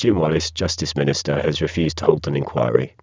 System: VC, spectral filtering